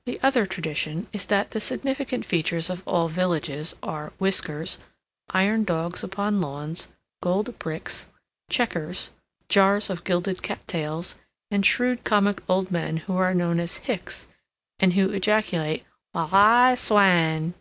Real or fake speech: real